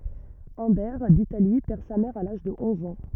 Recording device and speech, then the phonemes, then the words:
rigid in-ear microphone, read sentence
œ̃bɛʁ ditali pɛʁ sa mɛʁ a laʒ də ɔ̃z ɑ̃
Humbert d'Italie perd sa mère à l'âge de onze ans.

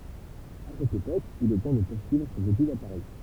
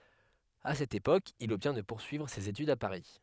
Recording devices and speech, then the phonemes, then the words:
temple vibration pickup, headset microphone, read sentence
a sɛt epok il ɔbtjɛ̃ də puʁsyivʁ sez etydz a paʁi
À cette époque, il obtient de poursuivre ses études à Paris.

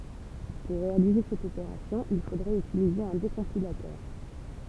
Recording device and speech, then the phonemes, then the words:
temple vibration pickup, read sentence
puʁ ʁealize sɛt opeʁasjɔ̃ il fodʁɛt ytilize œ̃ dekɔ̃pilatœʁ
Pour réaliser cette opération, il faudrait utiliser un décompilateur.

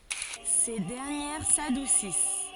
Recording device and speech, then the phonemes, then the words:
forehead accelerometer, read sentence
se dɛʁnjɛʁ sadusis
Ces dernières s'adoucissent.

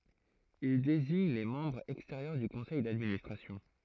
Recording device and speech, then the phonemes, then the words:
throat microphone, read sentence
il deziɲ le mɑ̃bʁz ɛksteʁjœʁ dy kɔ̃sɛj dadministʁasjɔ̃
Il désigne les membres extérieurs du Conseil d'Administration.

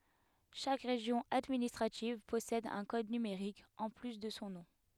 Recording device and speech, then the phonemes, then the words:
headset microphone, read sentence
ʃak ʁeʒjɔ̃ administʁativ pɔsɛd œ̃ kɔd nymeʁik ɑ̃ ply də sɔ̃ nɔ̃
Chaque région administrative possède un code numérique, en plus de son nom.

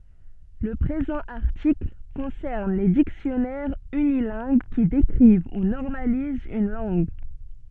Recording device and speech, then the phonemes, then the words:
soft in-ear microphone, read sentence
lə pʁezɑ̃ aʁtikl kɔ̃sɛʁn le diksjɔnɛʁz ynilɛ̃ɡ ki dekʁiv u nɔʁmalizt yn lɑ̃ɡ
Le présent article concerne les dictionnaires unilingues qui décrivent ou normalisent une langue.

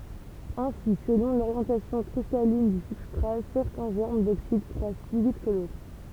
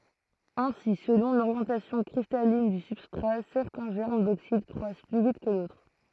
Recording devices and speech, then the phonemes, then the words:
temple vibration pickup, throat microphone, read sentence
ɛ̃si səlɔ̃ loʁjɑ̃tasjɔ̃ kʁistalin dy sybstʁa sɛʁtɛ̃ ʒɛʁm doksid kʁwas ply vit kə dotʁ
Ainsi, selon l'orientation cristalline du substrat, certains germes d'oxyde croissent plus vite que d'autres.

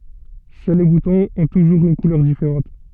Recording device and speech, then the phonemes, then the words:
soft in-ear microphone, read sentence
sœl le butɔ̃z ɔ̃ tuʒuʁz yn kulœʁ difeʁɑ̃t
Seuls les boutons ont toujours une couleur différente.

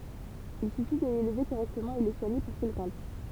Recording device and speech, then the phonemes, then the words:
temple vibration pickup, read sentence
il syfi də lelve koʁɛktəmɑ̃ e lə swaɲe puʁ kil ɡʁɑ̃dis
Il suffit de l'élever correctement et le soigner pour qu'il grandisse.

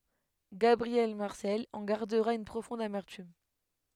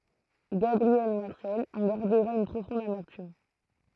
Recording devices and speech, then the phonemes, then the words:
headset microphone, throat microphone, read sentence
ɡabʁiɛl maʁsɛl ɑ̃ ɡaʁdəʁa yn pʁofɔ̃d amɛʁtym
Gabriel Marcel en gardera une profonde amertume.

